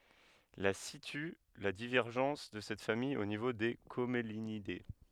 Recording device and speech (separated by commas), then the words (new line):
headset microphone, read sentence
La situe la divergence de cette famille au niveau des Commelinidées.